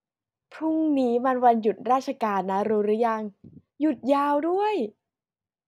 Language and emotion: Thai, happy